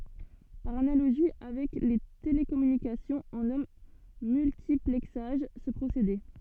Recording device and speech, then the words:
soft in-ear microphone, read sentence
Par analogie avec les télécommunications, on nomme multiplexage ce procédé.

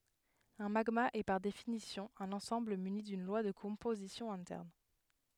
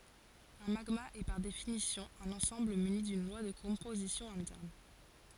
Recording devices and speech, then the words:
headset microphone, forehead accelerometer, read sentence
Un magma est par définition un ensemble muni d'une loi de composition interne.

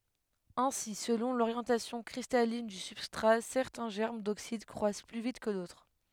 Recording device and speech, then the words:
headset microphone, read sentence
Ainsi, selon l'orientation cristalline du substrat, certains germes d'oxyde croissent plus vite que d'autres.

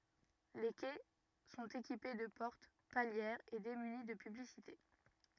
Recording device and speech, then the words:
rigid in-ear microphone, read sentence
Les quais sont équipés de portes palières et démunis de publicités.

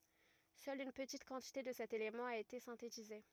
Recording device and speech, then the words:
rigid in-ear microphone, read sentence
Seule une petite quantité de cet élément a été synthétisée.

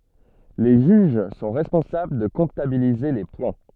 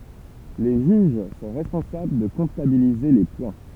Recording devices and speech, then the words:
soft in-ear microphone, temple vibration pickup, read sentence
Les juges sont responsables de comptabiliser les points.

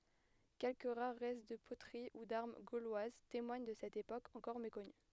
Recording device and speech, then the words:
headset microphone, read sentence
Quelques rares restes de poteries ou d’armes gauloises témoignent de cette époque encore méconnue.

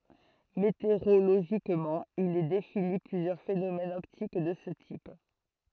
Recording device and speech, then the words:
throat microphone, read sentence
Météorologiquement, il est défini plusieurs phénomènes optiques de ce type.

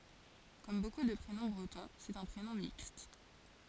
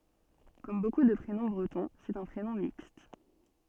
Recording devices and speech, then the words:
forehead accelerometer, soft in-ear microphone, read sentence
Comme beaucoup de prénoms bretons, c'est un prénom mixte.

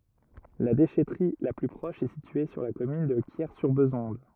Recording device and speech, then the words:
rigid in-ear microphone, read sentence
La déchèterie la plus proche est située sur la commune de Quiers-sur-Bézonde.

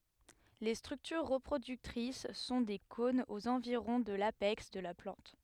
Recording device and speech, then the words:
headset microphone, read sentence
Les structures reproductrices sont des cônes aux environs de l'apex de la plante.

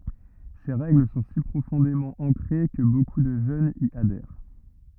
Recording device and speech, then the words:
rigid in-ear microphone, read sentence
Ces règles sont si profondément ancrées que beaucoup de jeunes y adhèrent.

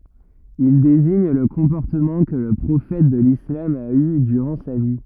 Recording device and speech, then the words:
rigid in-ear microphone, read sentence
Il désigne le comportement que le prophète de l'islam a eu durant sa vie.

